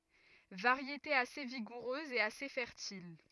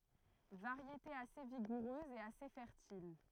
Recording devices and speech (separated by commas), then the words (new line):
rigid in-ear microphone, throat microphone, read sentence
Variété assez vigoureuse et assez fertile.